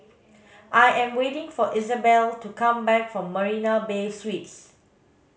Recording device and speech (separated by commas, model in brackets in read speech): mobile phone (Samsung S8), read sentence